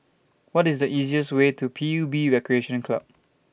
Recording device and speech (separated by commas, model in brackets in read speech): boundary microphone (BM630), read sentence